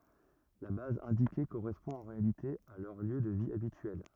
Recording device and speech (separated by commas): rigid in-ear microphone, read sentence